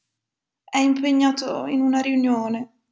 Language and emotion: Italian, sad